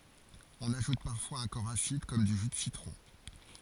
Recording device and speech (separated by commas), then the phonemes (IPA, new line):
forehead accelerometer, read sentence
ɔ̃n aʒut paʁfwaz œ̃ kɔʁ asid kɔm dy ʒy də sitʁɔ̃